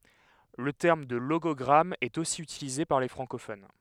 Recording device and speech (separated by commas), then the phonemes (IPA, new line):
headset microphone, read sentence
lə tɛʁm də loɡɔɡʁam ɛt osi ytilize paʁ le fʁɑ̃kofon